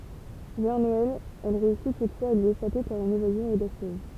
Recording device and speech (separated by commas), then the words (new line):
temple vibration pickup, read sentence
Vers Noël, elle réussit toutefois à lui échapper par une évasion audacieuse.